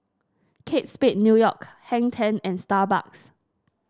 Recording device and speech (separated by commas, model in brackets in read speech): standing microphone (AKG C214), read sentence